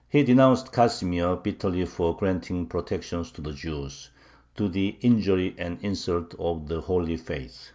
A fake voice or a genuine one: genuine